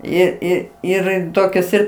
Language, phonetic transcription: Lithuanian, ˈir ˈir ˈir ˈtokias ˈir

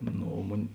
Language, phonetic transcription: Lithuanian, ˈno o ˈmun'

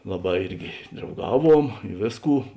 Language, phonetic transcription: Lithuanian, ˈlaˌbā ˈirgi drauˈgaˌvuom i ˈvėsˌkų

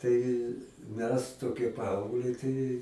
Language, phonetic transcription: Lithuanian, ˈtai ˈmes toˈkie ˈpaaugliai tai

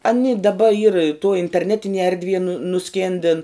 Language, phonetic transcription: Lithuanian, aˈni daˈba yr tuo interˈnetinie erdˈvie nu nuˈskėndin

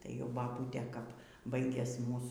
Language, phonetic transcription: Lithuanian, tai jau baˈbūtė kap ˈbaigias ˈmūs

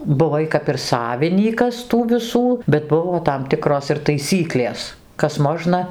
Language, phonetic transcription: Lithuanian, buˈvai kap ir ˈsavinykas tų viˈsų bet ˈbuvo tam ˈtikros ir taiˈsyklės ˈkas ˈmožna

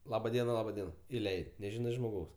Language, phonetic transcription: Lithuanian, ˈlaba ˈdiena ˈlaba ˈdiena iˈleid' neˈžinai žmoˈgaus

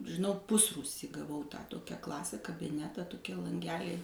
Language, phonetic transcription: Lithuanian, žiˈnau ˈpusrūsy gaˈvau tą ˈtokią ˈklasę kabiˈnetą toˈkie lanˈgeliai

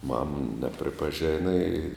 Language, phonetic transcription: Lithuanian, mam nepripaˈžena i

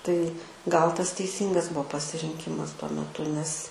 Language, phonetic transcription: Lithuanian, tai gal tas teiˈsyngas ˈbuo pasirinˈkimas tuo meˈtu nes

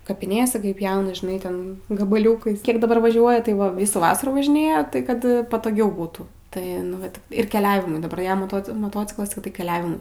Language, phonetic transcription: Lithuanian, kapiˈnėse ˈkai ˈpjauna žiˈnai ˈten gabaˈliūkais ˈkiek daˈbar vaˈžiuoja tai ˈva ˈvysų ˈvasarų važiˈnėja ˈtai kad patoˈgiau ˈbūtų tai nu ˈvat ir keˈliavimui daˈbar ˈjam moˈto moˈtociklas tai ˈtik keˈliavimui

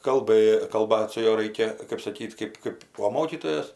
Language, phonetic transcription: Lithuanian, kalˈbɘ kalˈbat su ˈjuo ˈraikia kɜp saˈkyt ˈkɜp ˈkɜp o ˈmokytojos

